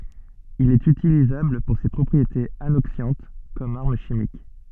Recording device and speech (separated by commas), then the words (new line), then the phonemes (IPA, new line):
soft in-ear microphone, read sentence
Il est utilisable pour ses propriétés anoxiantes comme arme chimique.
il ɛt ytilizabl puʁ se pʁɔpʁietez anoksjɑ̃t kɔm aʁm ʃimik